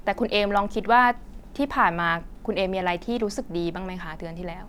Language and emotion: Thai, neutral